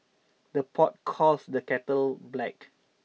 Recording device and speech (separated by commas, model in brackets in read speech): mobile phone (iPhone 6), read sentence